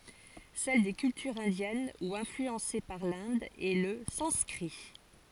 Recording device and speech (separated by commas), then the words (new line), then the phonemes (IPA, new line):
forehead accelerometer, read sentence
Celle des cultures indiennes ou influencées par l'Inde est le sanskrit.
sɛl de kyltyʁz ɛ̃djɛn u ɛ̃flyɑ̃se paʁ lɛ̃d ɛ lə sɑ̃skʁi